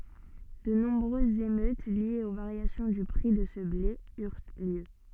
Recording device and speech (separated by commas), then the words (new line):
soft in-ear microphone, read sentence
De nombreuses émeutes liées aux variations du prix de ce blé eurent lieu.